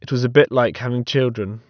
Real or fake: real